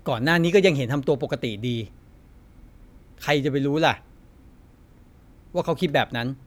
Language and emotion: Thai, frustrated